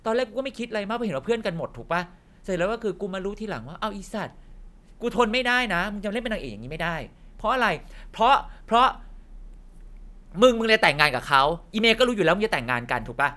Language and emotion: Thai, angry